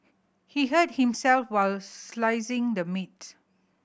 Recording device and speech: boundary microphone (BM630), read sentence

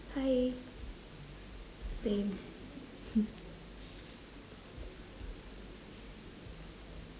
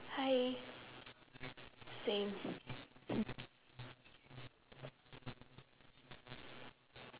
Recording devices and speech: standing microphone, telephone, conversation in separate rooms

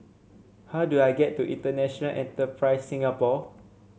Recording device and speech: mobile phone (Samsung C7), read sentence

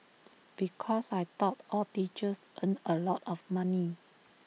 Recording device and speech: mobile phone (iPhone 6), read sentence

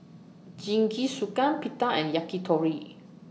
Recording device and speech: mobile phone (iPhone 6), read sentence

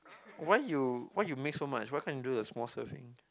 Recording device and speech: close-talking microphone, conversation in the same room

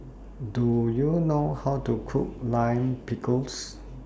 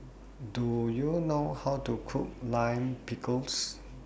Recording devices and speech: standing microphone (AKG C214), boundary microphone (BM630), read sentence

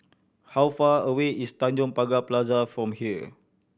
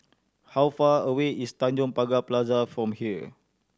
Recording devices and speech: boundary microphone (BM630), standing microphone (AKG C214), read sentence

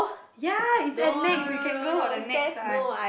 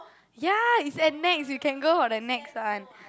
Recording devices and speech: boundary microphone, close-talking microphone, conversation in the same room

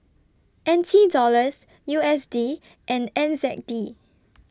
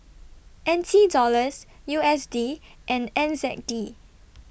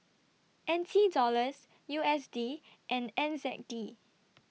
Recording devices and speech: standing microphone (AKG C214), boundary microphone (BM630), mobile phone (iPhone 6), read sentence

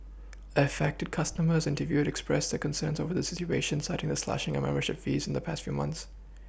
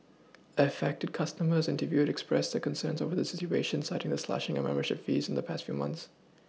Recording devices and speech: boundary microphone (BM630), mobile phone (iPhone 6), read sentence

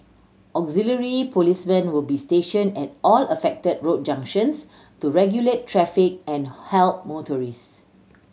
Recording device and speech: mobile phone (Samsung C7100), read sentence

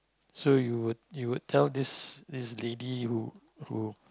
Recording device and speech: close-talking microphone, conversation in the same room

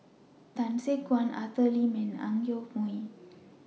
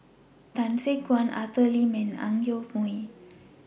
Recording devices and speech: mobile phone (iPhone 6), boundary microphone (BM630), read sentence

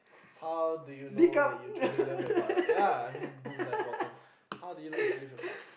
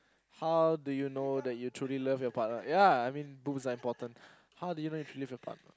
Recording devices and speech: boundary microphone, close-talking microphone, conversation in the same room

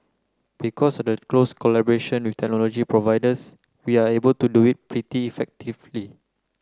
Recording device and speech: close-talking microphone (WH30), read sentence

